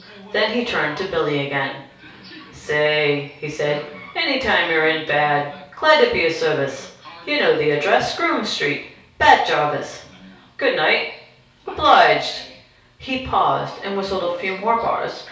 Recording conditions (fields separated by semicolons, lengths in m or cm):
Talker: one person; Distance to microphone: 3.0 m; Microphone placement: far; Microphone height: 1.8 m; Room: small (3.7 m by 2.7 m); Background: television